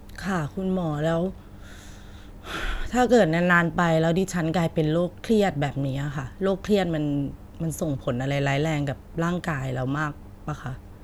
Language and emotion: Thai, frustrated